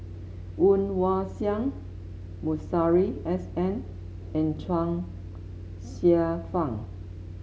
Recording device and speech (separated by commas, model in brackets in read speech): mobile phone (Samsung S8), read sentence